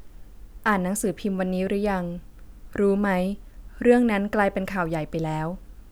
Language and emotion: Thai, neutral